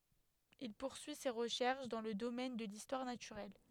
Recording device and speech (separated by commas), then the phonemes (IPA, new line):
headset microphone, read sentence
il puʁsyi se ʁəʃɛʁʃ dɑ̃ lə domɛn də listwaʁ natyʁɛl